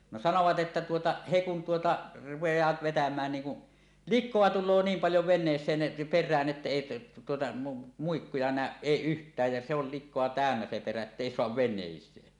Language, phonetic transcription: Finnish, no 'sanovat ˀettä tuota , 'he kun 'tuota , rupej̀aat vetämään niiŋ ku , "lik̆koa 'tul̆loo 'niim paljo 'ven̆nees̀een , per̆rään ’että 'èi tuota , "muikkuja nä̀öˀ "ˀèi "ˀyht̀ääj ja se ol 'lik̆koa "tä̀önnä se perä ettèi soav 'ven̆nèis̀ee .
- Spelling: no sanoivat että tuota he kun tuota rupeavat vetämään niin kun likaa tulee niin paljon veneeseen perään että ei tuota muikkuja näy ei yhtään ja se oli likaa täynnä se perä että ei saa veneeseen

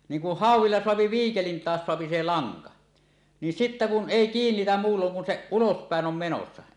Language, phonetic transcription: Finnish, 'niiŋ ku "hàuw̆willa soapi "viikelin 'taas soapi se "laŋka , nin 'sittä kun "ˀèi "kiinnitäm 'muulloŋ kun se "ulospä̀en 'om 'menossa .
- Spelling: niin kun hauella saa viikelin taas saa se lanka niin sitten kun ei kiinnitä muulloin kun se ulospäin on menossa

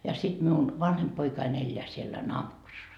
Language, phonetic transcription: Finnish, ja sit miun , 'vanhemp poikain 'elleä siellä - .
- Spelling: ja sitten minun vanhempi poikani elää siellä

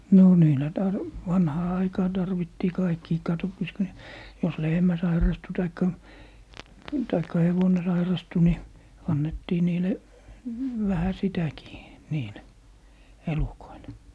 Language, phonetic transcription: Finnish, 'no 'niilä 'tar- , "vanhaa 'aikaa tarvittii 'kaikkii katoppas ku ne , jos "lehmä sairastu 'taikka , 'taikka "hevone 'sairastu ni , 'annettii 'niile , 'vähä "sitäkii , "niile , "elukoile .
- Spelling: no niillä - vanhaan aikaan tarvittiin kaikkiin katsopas kun ne jos lehmä sairastui tai tai hevonen sairastui niin annettiin niille vähän sitäkin niille elukoille

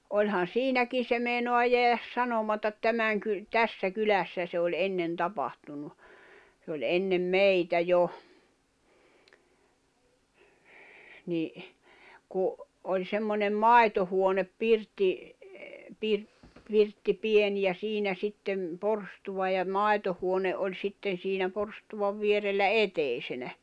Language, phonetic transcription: Finnish, oĺhan̬ "siinäkin̬ se mèinoa jeäjäs 'sanomatat 'tämäŋ ky- , "tässä "kylässä se oĺ 'ennen 'tapantunu , sᵉ ‿oĺ 'ennem "meitä jo , ni , ku , oĺ 'semmońem "mài̬tohuonep 'pirtti , pir- , 'pirtti 'pien ja 'siinä 'sittem , 'porstuva ja 'mài̬tohuone 'oĺ 'sitten̬ siinä 'porstuvav vierellä "etèisenä .
- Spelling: olihan siinäkin se meinaa jäädä sanomatta tämän - tässä kylässä se oli ennen tapahtunut se oli ennen meitä jo niin kun oli semmoinen maitohuone pirtti - pirtti pieni ja siinä sitten porstua ja maitohuone oli sitten siinä porstuan vierellä eteisenä

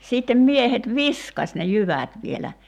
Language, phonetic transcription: Finnish, 'siittem 'miehet "viskas ne 'jyvä̀t vielä .
- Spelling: sitten miehet viskasi ne jyvät vielä

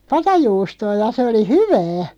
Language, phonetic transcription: Finnish, 'patajuustoo ja 'se oli "hyvää .
- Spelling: patajuustoa ja se oli hyvää

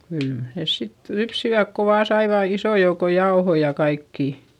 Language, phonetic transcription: Finnish, kyl nès sit lypsiväk ko vaa saivà isò jouko jaohoi ja kaikkì .
- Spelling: kyllä ne sitten lypsivät kun vain saivat ison joukon jauhoja ja kaikkea

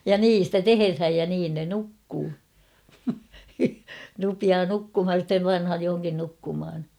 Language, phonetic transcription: Finnish, ja "niin̬ stä "teherhäj ja 'niin ne "nukkuu , rupiaa "nukkumhaj (ja) sⁱttem "panhaj johoŋkin 'nukkumhan .
- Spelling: ja niin sitä tehdään ja niin ne nukkuu rupeaa nukkumaan ja sitten pannaan johonkin nukkumaan

